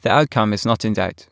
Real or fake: real